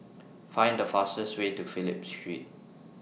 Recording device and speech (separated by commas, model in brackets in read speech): mobile phone (iPhone 6), read sentence